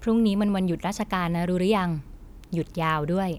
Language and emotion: Thai, neutral